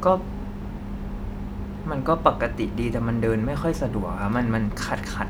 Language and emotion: Thai, frustrated